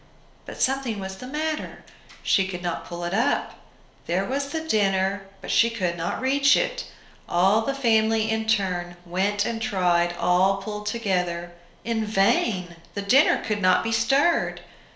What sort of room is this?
A small space (about 3.7 m by 2.7 m).